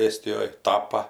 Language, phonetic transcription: Lithuanian, ˈėstijoj ˈtapa

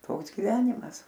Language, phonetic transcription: Lithuanian, ˈtoks giˈvenimas

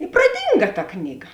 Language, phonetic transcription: Lithuanian, i praˈdynga ta ˈknyˌga

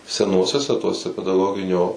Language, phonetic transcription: Lithuanian, seˈnuosiuose ˈtuose pedaˈgoginio

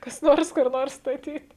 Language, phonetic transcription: Lithuanian, kas ˈnors kur ˈnors staˈtyt

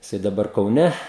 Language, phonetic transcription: Lithuanian, jiˈsai daˈbar kauˈne

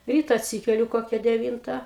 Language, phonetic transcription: Lithuanian, ˈryta atˈsykeliu ˈkokia deˈvynta

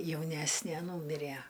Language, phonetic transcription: Lithuanian, jauˈnæsnė ˈnūmiræ

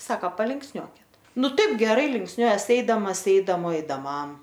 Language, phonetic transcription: Lithuanian, ˈsaka palinksˈniuokit ˈnu ˈtaip geˈrai linksˈniuojas ˈeidamas ˈeidamo eidaˈmam

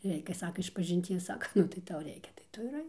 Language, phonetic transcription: Lithuanian, ˈreikia ˈsaka išpažinˈties ˈsaka ˈnu tai ˈtau ˈreikia tai ˈtu ir ˈaik

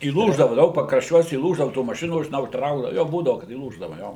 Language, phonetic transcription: Lithuanian, įˈlūždava ˈdaug pakrašˈčiuos įˈlūždava tų maˈšinų žiˈnau ˈtraukdava ˈjo ˈbūdavu kad įˈlūždava ˈjo

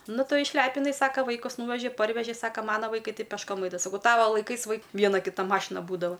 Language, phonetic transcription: Lithuanian, ˈnu ˈtu išˈlepinai ˈsaka ˈvaikus ˈnūveži ˈparveži ˈsaka ˈmana vaiˈkai ˈtai pešˈkom ˈaidava saˈkau ˈtava laiˈkais vaik ˈviena ˈkita ˈmašina ˈbūdava

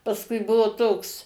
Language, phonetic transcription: Lithuanian, pasˈkui ˈbuvo ˈtoks

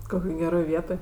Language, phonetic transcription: Lithuanian, ˈkokioj geˈroj ˈvietoj

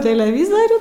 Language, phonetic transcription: Lithuanian, teleˈvizarių

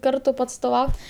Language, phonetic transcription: Lithuanian, ˈkartu paatstoˈvaut'

